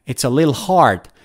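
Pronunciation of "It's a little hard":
The phrase is spoken fast, and 'little' comes out as 'lil', with the 'de' syllable left out.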